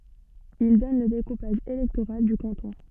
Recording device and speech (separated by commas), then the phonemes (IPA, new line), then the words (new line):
soft in-ear microphone, read sentence
il dɔn lə dekupaʒ elɛktoʁal dy kɑ̃tɔ̃
Ils donnent le découpage électoral du canton.